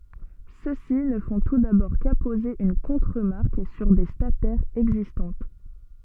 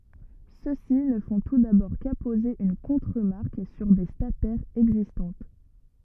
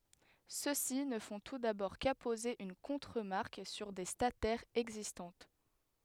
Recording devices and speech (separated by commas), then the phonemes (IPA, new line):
soft in-ear microphone, rigid in-ear microphone, headset microphone, read sentence
søksi nə fɔ̃ tu dabɔʁ kapoze yn kɔ̃tʁəmaʁk syʁ de statɛʁz ɛɡzistɑ̃t